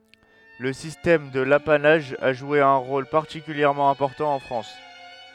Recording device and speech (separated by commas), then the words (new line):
headset microphone, read sentence
Le système de l’apanage a joué un rôle particulièrement important en France.